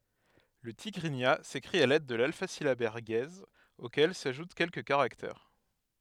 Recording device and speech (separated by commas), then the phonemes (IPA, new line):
headset microphone, read sentence
lə tiɡʁiɲa sekʁit a lɛd də lalfazilabɛʁ ɡɛz okɛl saʒut kɛlkə kaʁaktɛʁ